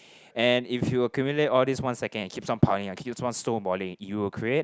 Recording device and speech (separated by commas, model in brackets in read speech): close-talking microphone, conversation in the same room